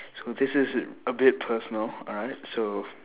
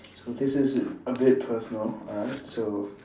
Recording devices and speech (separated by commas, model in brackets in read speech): telephone, standing microphone, conversation in separate rooms